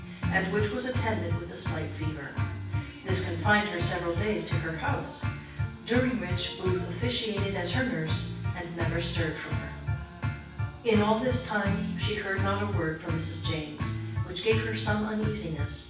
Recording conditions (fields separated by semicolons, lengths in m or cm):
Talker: one person; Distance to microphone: 9.8 m; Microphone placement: far; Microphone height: 1.8 m; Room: large; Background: music